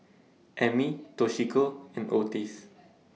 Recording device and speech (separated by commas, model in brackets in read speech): mobile phone (iPhone 6), read sentence